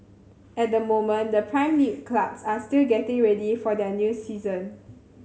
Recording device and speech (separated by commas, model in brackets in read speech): mobile phone (Samsung C7100), read sentence